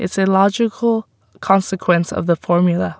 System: none